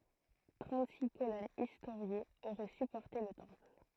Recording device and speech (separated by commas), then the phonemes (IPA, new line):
throat microphone, read sentence
tʁɑ̃tziks kolɔnz istoʁjez oʁɛ sypɔʁte lə tɑ̃pl